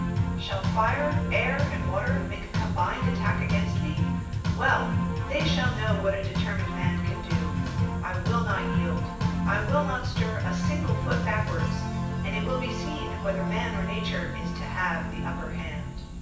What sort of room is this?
A sizeable room.